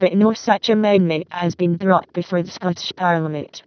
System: VC, vocoder